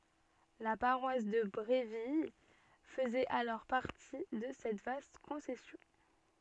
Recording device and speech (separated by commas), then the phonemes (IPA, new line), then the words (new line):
soft in-ear microphone, read sentence
la paʁwas də bʁevil fəzɛt alɔʁ paʁti də sɛt vast kɔ̃sɛsjɔ̃
La paroisse de Bréville faisait alors partie de cette vaste concession.